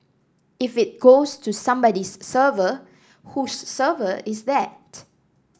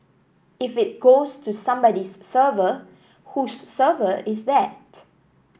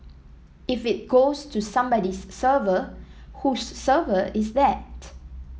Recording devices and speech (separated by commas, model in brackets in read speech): standing microphone (AKG C214), boundary microphone (BM630), mobile phone (iPhone 7), read sentence